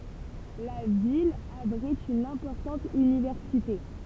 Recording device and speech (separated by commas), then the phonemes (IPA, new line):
temple vibration pickup, read sentence
la vil abʁit yn ɛ̃pɔʁtɑ̃t ynivɛʁsite